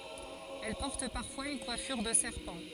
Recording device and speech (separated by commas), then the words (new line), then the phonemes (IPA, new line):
forehead accelerometer, read sentence
Elle porte parfois une coiffure de serpent.
ɛl pɔʁt paʁfwaz yn kwafyʁ də sɛʁpɑ̃